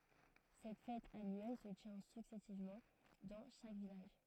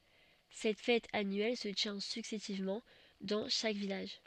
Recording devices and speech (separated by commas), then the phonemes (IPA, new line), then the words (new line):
throat microphone, soft in-ear microphone, read sentence
sɛt fɛt anyɛl sə tjɛ̃ syksɛsivmɑ̃ dɑ̃ ʃak vilaʒ
Cette fête annuelle se tient successivement dans chaque village.